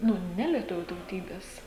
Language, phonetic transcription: Lithuanian, ˈnu ˈnelietuvių tauˈtybes

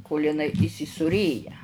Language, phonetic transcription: Lithuanian, kol' iˈnai įsisūˈrėja

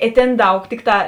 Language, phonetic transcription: Lithuanian, i ˈtėn ˈdaug ˈtikˌtā

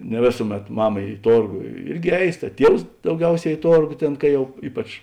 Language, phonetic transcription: Lithuanian, ne ˈvėsuˌmet ˈmama i ˈtorgo ˈirgi ˈeis ta ˈtievs dauˈgiauˌsē i ˈtorgo ˈtėn ka ˈjau ˈypač

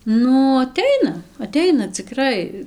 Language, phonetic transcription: Lithuanian, ˈnu aˈteina aˈteina ciˈkrai

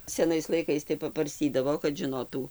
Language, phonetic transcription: Lithuanian, seˈnais laiˈkais tai pabarˈstydavo kad žiˈnotų

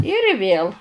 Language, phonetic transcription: Lithuanian, ir ˈvėl

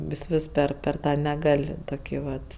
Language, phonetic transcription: Lithuanian, vis ˈvis ˈper per ˈtą neˈgal' ˈtoki ˈvat

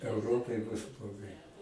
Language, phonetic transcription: Lithuanian, euˈropai bus bloˈgai

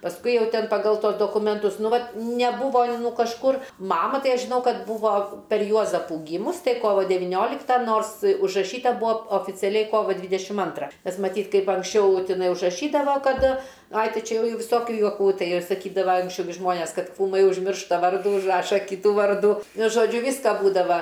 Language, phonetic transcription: Lithuanian, pasˈkui ˈjau ˈtin paˈgal ˈtuos dokumenˈtus ˈnu ˈvat neˈbūvo ˈnu kažˈkur ˈmama ˈtai ˈaš žiˈnau ˈkad ˈbūvo per ˈjuozapų ˈgymus ˈtai ˈkovo deviˈnioliktą ˈnors užraˈšyta ˈbūa oficiaˈliai ˈkovo ˈdvydešim ˈantra ˈnes maˈtyt ˈkaip anksˈčiau tiˈnai užraˈšydava kaˈda ˈaj ˈtai ˈčia ja ˈjau viˈsokiu juoˈkų ˈtai ir saˈkydava anksˈčiau gi ˈžmonės ˈkad kūˈmai užˈmiršta ˈvardų užˈraša ˈkytų ˈvardų nu žoˈdžiu ˈvyska ˈbūdava

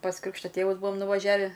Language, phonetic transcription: Lithuanian, pas ˈkrikšto ˈtėvus ˈbuom nuvaˈžiavi

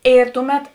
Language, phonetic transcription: Lithuanian, ˈėr ˈtuˌmet

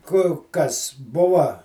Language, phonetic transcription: Lithuanian, ˈku ˈkas ˈbuva

